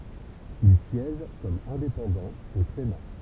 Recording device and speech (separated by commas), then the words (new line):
temple vibration pickup, read sentence
Il siège comme indépendant au Sénat.